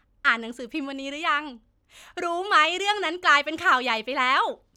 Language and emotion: Thai, happy